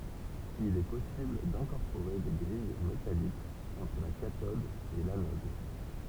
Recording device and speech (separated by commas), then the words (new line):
temple vibration pickup, read sentence
Il est possible d'incorporer des grilles métalliques entre la cathode et l'anode.